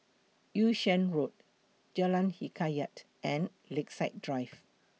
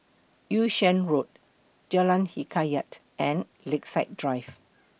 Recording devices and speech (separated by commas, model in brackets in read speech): mobile phone (iPhone 6), boundary microphone (BM630), read sentence